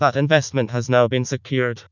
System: TTS, vocoder